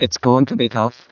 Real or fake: fake